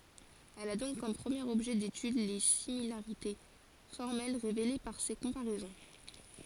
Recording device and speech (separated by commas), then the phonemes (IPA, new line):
forehead accelerometer, read sentence
ɛl a dɔ̃k kɔm pʁəmjeʁ ɔbʒɛ detyd le similaʁite fɔʁmɛl ʁevele paʁ se kɔ̃paʁɛzɔ̃